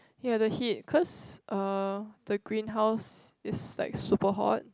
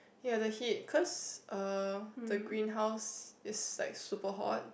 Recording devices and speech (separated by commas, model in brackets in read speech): close-talking microphone, boundary microphone, conversation in the same room